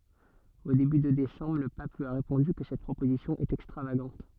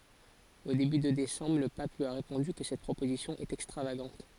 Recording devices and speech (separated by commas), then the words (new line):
soft in-ear microphone, forehead accelerometer, read sentence
Au début de décembre, le pape lui a répondu que cette proposition est extravagante.